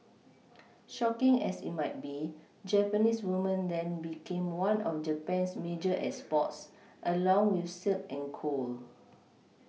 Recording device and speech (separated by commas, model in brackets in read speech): mobile phone (iPhone 6), read sentence